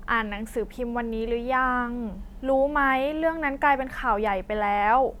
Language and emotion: Thai, neutral